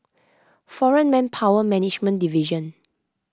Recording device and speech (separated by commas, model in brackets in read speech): close-talking microphone (WH20), read sentence